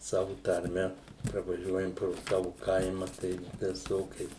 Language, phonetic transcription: Lithuanian, ˈsavu tarˈme pravaˈžiuojam pro ˈsavu ˈkaima tai viˈsokiais

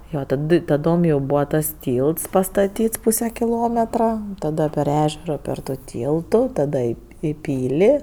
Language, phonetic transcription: Lithuanian, ˈjo taˈdɨ taˈdom jau ˈbūva tas ˈtylts pastaˈtyts ˈpūse kiˈlometra ˈtada per ˈežero per tu ˈtyltu ˈtada i i ˈpyli

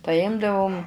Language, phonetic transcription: Lithuanian, paˈjimdavum

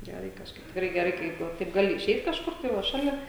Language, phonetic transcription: Lithuanian, ˈgerai kažˈkaip tikˈrai ˈgerai ˈkaip va ˈtaip ˈgali iˈšeit kažˈkur tai ˈva ˈšalia

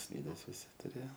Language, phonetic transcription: Lithuanian, ˈslydes viˈsi tuˈrėjo

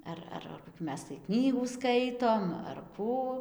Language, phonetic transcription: Lithuanian, ˈar ar koˈkių ˈmes tai ˈknygų ˈskaitom ar ˈkų

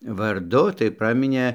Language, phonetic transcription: Lithuanian, varˈdu tai ˈpraminė

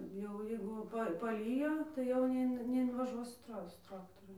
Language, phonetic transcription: Lithuanian, jau ˈjeigu ˈpa paˈlyjo tai jau neˈin neinvaˈžuos su ˈtra ˈsu ˈtraktoru

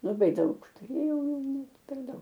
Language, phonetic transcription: Lithuanian, laˈbai ˈdaug tuˈrėjau net per ˈdaug

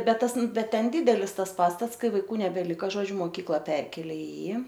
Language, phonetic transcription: Lithuanian, ˈbet ˈtas ˈbet ˈten ˈdydelis ˈtas ˈpastats ˈkai vaiˈkų nebeˈlika ˈžodžiu moˈkykla ˈperkėlė i ˈjį

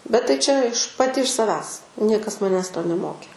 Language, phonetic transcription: Lithuanian, bet tai ˈčia iš paˈti iš saˈvęs ˈniekas maˈnęs to neˈmokė

